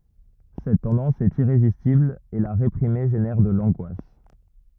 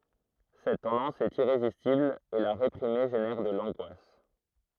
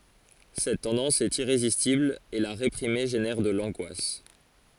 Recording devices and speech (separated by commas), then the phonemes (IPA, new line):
rigid in-ear microphone, throat microphone, forehead accelerometer, read sentence
sɛt tɑ̃dɑ̃s ɛt iʁezistibl e la ʁepʁime ʒenɛʁ də lɑ̃ɡwas